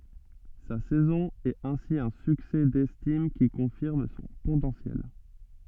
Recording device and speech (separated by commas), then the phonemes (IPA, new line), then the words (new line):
soft in-ear microphone, read sentence
sa sɛzɔ̃ ɛt ɛ̃si œ̃ syksɛ dɛstim ki kɔ̃fiʁm sɔ̃ potɑ̃sjɛl
Sa saison est ainsi un succès d'estime qui confirme son potentiel.